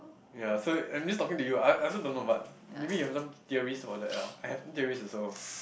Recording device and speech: boundary microphone, conversation in the same room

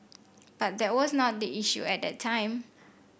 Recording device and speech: boundary microphone (BM630), read sentence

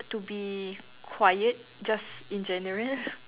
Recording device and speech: telephone, conversation in separate rooms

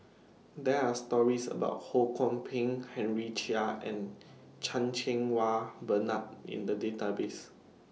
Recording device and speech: mobile phone (iPhone 6), read sentence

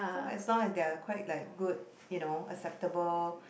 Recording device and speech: boundary microphone, conversation in the same room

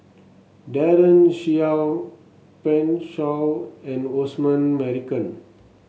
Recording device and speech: mobile phone (Samsung S8), read sentence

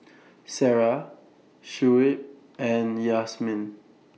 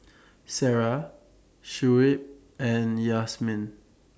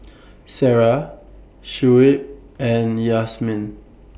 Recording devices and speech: mobile phone (iPhone 6), standing microphone (AKG C214), boundary microphone (BM630), read sentence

